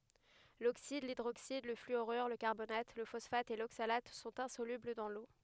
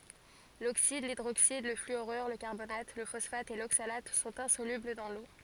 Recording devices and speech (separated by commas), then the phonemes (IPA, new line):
headset microphone, forehead accelerometer, read sentence
loksid lidʁoksid lə flyoʁyʁ lə kaʁbonat lə fɔsfat e loksalat sɔ̃t ɛ̃solybl dɑ̃ lo